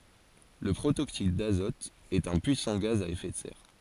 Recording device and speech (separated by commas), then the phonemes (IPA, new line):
forehead accelerometer, read sentence
lə pʁotoksid dazɔt ɛt œ̃ pyisɑ̃ ɡaz a efɛ də sɛʁ